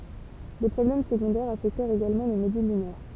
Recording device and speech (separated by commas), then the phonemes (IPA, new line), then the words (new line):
temple vibration pickup, read sentence
de pʁɔblɛm səɡɔ̃dɛʁz afɛktɛʁt eɡalmɑ̃ lə modyl lynɛʁ
Des problèmes secondaires affectèrent également le module lunaire.